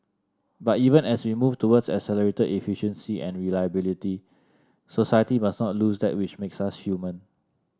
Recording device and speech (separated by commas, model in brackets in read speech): standing microphone (AKG C214), read sentence